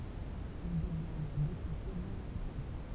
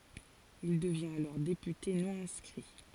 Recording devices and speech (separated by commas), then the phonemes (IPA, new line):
temple vibration pickup, forehead accelerometer, read sentence
il dəvjɛ̃t alɔʁ depyte nɔ̃ ɛ̃skʁi